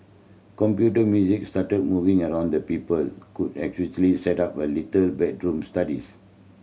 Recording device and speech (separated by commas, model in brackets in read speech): mobile phone (Samsung C7100), read sentence